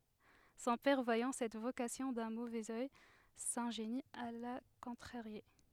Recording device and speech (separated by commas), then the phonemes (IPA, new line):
headset microphone, read sentence
sɔ̃ pɛʁ vwajɑ̃ sɛt vokasjɔ̃ dœ̃ movɛz œj sɛ̃ʒeni a la kɔ̃tʁaʁje